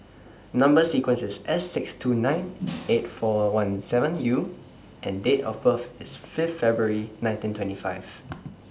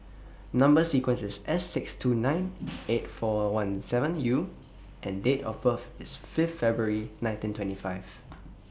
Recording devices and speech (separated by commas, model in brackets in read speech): standing microphone (AKG C214), boundary microphone (BM630), read sentence